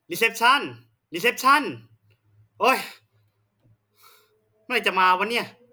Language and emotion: Thai, frustrated